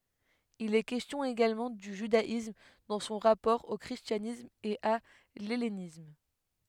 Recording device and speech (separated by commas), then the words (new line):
headset microphone, read sentence
Il est question également du judaïsme dans son rapport au christianisme et à l'hellénisme.